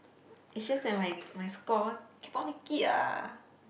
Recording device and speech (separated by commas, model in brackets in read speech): boundary microphone, conversation in the same room